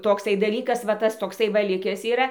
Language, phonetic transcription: Lithuanian, tokˈsai daˈlykas va ˈtas tokˈsai ˈva ˈlikes yˈra

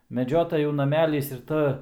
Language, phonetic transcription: Lithuanian, meˈdžiotajų naˈmelys ir ˈta

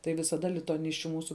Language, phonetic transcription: Lithuanian, tai visaˈda lituaˈnisčiu ˈmūsu

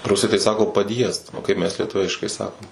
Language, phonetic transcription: Lithuanian, ˈrusai tai ˈsako paˈdjiezd o ˈkaip mes lieˈtuviškai ˈsakom

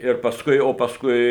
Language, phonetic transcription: Lithuanian, ir pasˈkui o pasˈkui

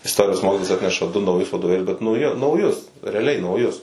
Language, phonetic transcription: Lithuanian, isˈtorijos ˈmokitojas ˈatneša du nauˈjus vadoˈvėlius bet nauˈji nauˈjus reaˈliai nauˈjus

